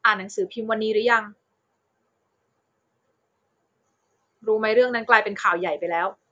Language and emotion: Thai, frustrated